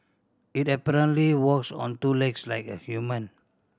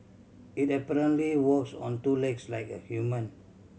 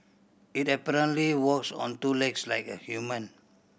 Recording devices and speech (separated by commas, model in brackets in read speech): standing microphone (AKG C214), mobile phone (Samsung C7100), boundary microphone (BM630), read sentence